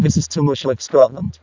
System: VC, vocoder